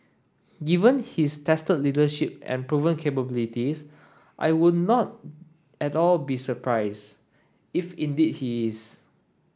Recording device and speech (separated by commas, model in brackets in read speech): standing microphone (AKG C214), read sentence